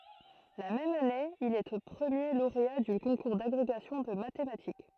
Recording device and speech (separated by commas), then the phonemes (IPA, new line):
throat microphone, read sentence
la mɛm ane il ɛ pʁəmje loʁea dy kɔ̃kuʁ daɡʁeɡasjɔ̃ də matematik